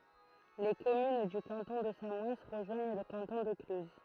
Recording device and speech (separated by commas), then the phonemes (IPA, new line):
throat microphone, read sentence
le kɔmyn dy kɑ̃tɔ̃ də samɔɛn ʁəʒwaɲ lə kɑ̃tɔ̃ də klyz